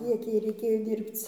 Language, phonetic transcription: Lithuanian, ˈkiek ˈjai reiˈkėjo ˈdyrbc

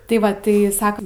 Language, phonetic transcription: Lithuanian, tai ˈva tai ˈsakam

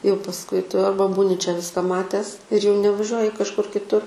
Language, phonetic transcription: Lithuanian, jau pasˈkui ˈtu ˈarba ˈbūni čia ˈviska ˈmatęs ir jau nevaˈžiuoji kažˈkur kitˈur

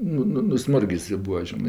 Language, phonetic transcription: Lithuanian, ˈnu ˈnu nuˈsmurgis i ˈbua ˈžinɜ

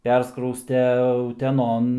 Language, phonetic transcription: Lithuanian, ˈperskrauste uteˈnon

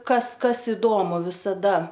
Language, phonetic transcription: Lithuanian, ˈkas ˈkas iˈdomu visaˈda

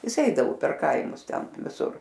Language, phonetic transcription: Lithuanian, ˈjis ˈeidavu per ˈkaimus ˈten viˈsur

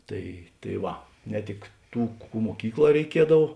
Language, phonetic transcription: Lithuanian, ˈtai tai ˈva ne ˈtik ˈtų ˈkų muoˈkykˌlā reiˈkiedav

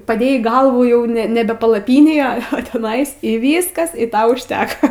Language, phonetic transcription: Lithuanian, paˈdėjai ˈgalvų ˈjau ne ˈnebe palaˈpynėj a a teˈnais y ˈvyskas i ˈta užˈteka

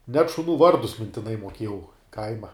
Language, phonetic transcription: Lithuanian, net šuˈnų ˈvardus mintiˈnai muoˈkiejau ˈkaima

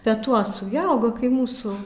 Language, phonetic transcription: Lithuanian, peˈtuosu ˈji ˈauga kai ˈmūsų

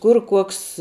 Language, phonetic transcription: Lithuanian, ˈkur ˈkuoks

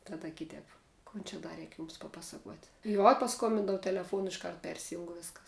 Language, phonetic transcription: Lithuanian, ˈtada ˈkitēp ˈkon čia ˈda ˈreik ˈjums paˈpasakuot' juo paˈskombindou teleˈfuonu išˈkart ˈpersijung ˈviskas

